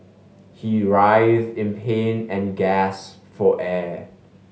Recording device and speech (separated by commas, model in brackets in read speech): mobile phone (Samsung S8), read sentence